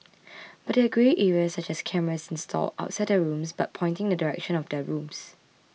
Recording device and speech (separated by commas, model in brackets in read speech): mobile phone (iPhone 6), read sentence